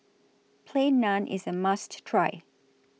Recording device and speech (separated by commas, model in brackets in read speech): mobile phone (iPhone 6), read sentence